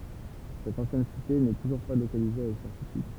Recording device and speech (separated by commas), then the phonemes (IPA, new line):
temple vibration pickup, read sentence
sɛt ɑ̃sjɛn site nɛ tuʒuʁ pa lokalize avɛk sɛʁtityd